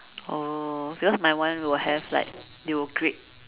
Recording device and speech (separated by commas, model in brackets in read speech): telephone, conversation in separate rooms